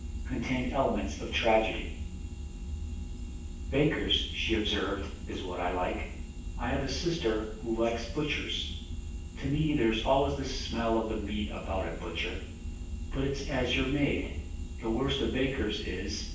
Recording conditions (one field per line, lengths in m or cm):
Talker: one person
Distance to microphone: 9.8 m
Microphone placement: far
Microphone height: 1.8 m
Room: large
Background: none